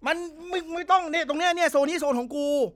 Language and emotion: Thai, angry